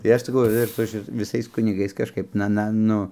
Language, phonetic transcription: Lithuanian, tai ˈaš saˈkau ir ˈsu šit viˈsais kuniˈgais kažˈkaip ˈna ˈna ˈnu

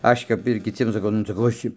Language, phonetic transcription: Lithuanian, ˈaš' kap ir kiˈciem saˈkau nu saˈkau ˈaš či

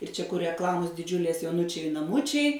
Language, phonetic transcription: Lithuanian, ir čia kur rekˈlamos diˈdžiulės joˈunučiai naˈmučiai

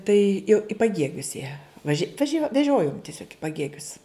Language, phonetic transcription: Lithuanian, tai jau i paˈgiegius jie vaˈži vaˈžio veˈžiojom tiˈsiog i paˈgiegius

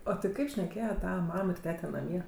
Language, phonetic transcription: Lithuanian, o ti ˈkaip šneˈkėje ˈtava ˈmam ir ˈtete naˈmie

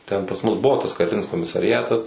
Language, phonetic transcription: Lithuanian, ˈten pas ˈmus ˈbuvo tas kaˈrinis komisariˈatas

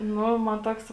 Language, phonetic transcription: Lithuanian, ˈnu man ˈtoks

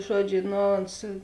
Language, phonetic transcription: Lithuanian, ˈžuoˌdžiu ˈno ons

